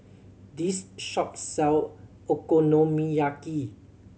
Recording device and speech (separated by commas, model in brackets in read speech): mobile phone (Samsung C7100), read sentence